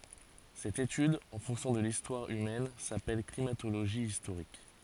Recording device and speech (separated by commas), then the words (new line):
forehead accelerometer, read sentence
Cette étude en fonction de l'histoire humaine s'appelle climatologie historique.